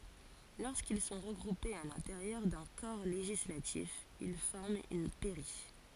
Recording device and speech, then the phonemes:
forehead accelerometer, read sentence
loʁskil sɔ̃ ʁəɡʁupez a lɛ̃teʁjœʁ dœ̃ kɔʁ leʒislatif il fɔʁmt yn pɛʁi

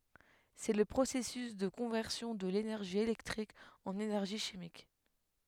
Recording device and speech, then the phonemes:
headset microphone, read sentence
sɛ lə pʁosɛsys də kɔ̃vɛʁsjɔ̃ də lenɛʁʒi elɛktʁik ɑ̃n enɛʁʒi ʃimik

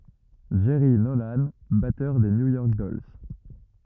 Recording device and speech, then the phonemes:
rigid in-ear microphone, read sentence
dʒɛʁi nolɑ̃ batœʁ də nju jɔʁk dɔls

